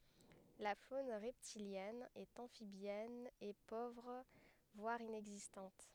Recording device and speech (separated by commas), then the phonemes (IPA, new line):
headset microphone, read sentence
la fon ʁɛptiljɛn e ɑ̃fibjɛn ɛ povʁ vwaʁ inɛɡzistɑ̃t